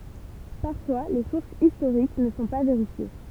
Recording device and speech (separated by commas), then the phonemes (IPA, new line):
temple vibration pickup, read sentence
paʁfwa le suʁsz istoʁik nə sɔ̃ pa veʁifje